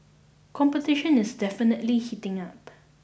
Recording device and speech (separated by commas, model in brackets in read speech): boundary microphone (BM630), read sentence